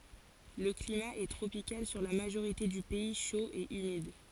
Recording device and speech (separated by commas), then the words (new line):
forehead accelerometer, read sentence
Le climat est tropical sur la majorité du pays, chaud et humide.